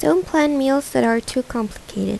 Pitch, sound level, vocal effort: 255 Hz, 79 dB SPL, soft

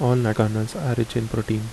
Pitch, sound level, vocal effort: 110 Hz, 74 dB SPL, soft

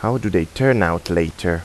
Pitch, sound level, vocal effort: 85 Hz, 83 dB SPL, normal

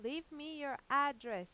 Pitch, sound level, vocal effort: 275 Hz, 95 dB SPL, loud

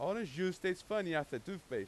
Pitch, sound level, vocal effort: 185 Hz, 95 dB SPL, very loud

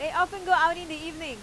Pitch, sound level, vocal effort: 325 Hz, 98 dB SPL, very loud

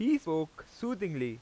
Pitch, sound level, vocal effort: 165 Hz, 92 dB SPL, very loud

